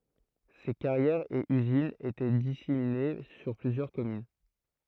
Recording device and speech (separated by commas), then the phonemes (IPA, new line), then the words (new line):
throat microphone, read sentence
se kaʁjɛʁz e yzinz etɛ disemine syʁ plyzjœʁ kɔmyn
Ces carrières et usines étaient disséminées sur plusieurs communes.